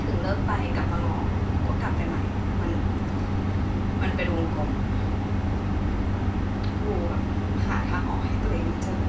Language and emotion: Thai, frustrated